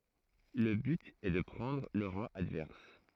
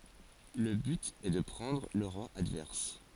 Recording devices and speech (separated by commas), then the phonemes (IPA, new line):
throat microphone, forehead accelerometer, read sentence
lə byt ɛ də pʁɑ̃dʁ lə ʁwa advɛʁs